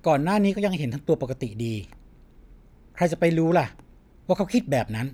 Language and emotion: Thai, neutral